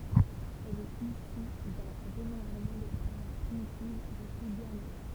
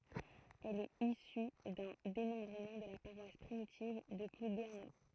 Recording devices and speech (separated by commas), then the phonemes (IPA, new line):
temple vibration pickup, throat microphone, read sentence
ɛl ɛt isy dœ̃ demɑ̃bʁəmɑ̃ də la paʁwas pʁimitiv də pluɡɛʁno